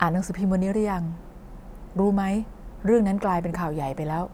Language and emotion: Thai, neutral